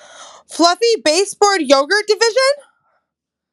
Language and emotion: English, surprised